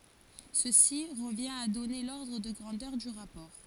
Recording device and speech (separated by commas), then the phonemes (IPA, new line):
forehead accelerometer, read sentence
səsi ʁəvjɛ̃t a dɔne lɔʁdʁ də ɡʁɑ̃dœʁ dy ʁapɔʁ